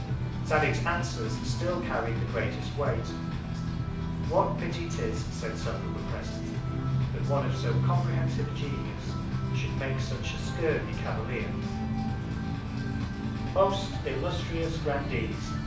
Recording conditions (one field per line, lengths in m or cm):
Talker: one person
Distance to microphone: 5.8 m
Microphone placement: far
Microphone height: 1.8 m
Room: medium-sized (5.7 m by 4.0 m)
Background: music